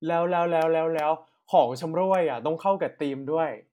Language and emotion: Thai, happy